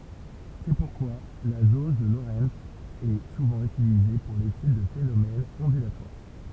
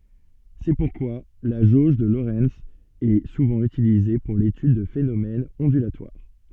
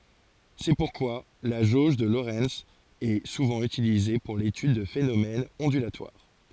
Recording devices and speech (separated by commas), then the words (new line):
temple vibration pickup, soft in-ear microphone, forehead accelerometer, read sentence
C'est pourquoi la jauge de Lorenz est souvent utilisée pour l'étude de phénomènes ondulatoires.